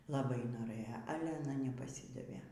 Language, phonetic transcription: Lithuanian, laˈbai noˈrɘjo ˈale aˈna nepaˈsydavė

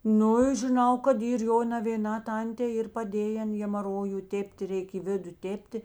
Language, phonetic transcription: Lithuanian, ˈnu i žiˈnau kad ˈyr ˈjo navėˈnā ˈtantė ˈyr paˈdėjen hemaˈroju ˈtėpt' ˈreik i ˈvidu ˈtėpti

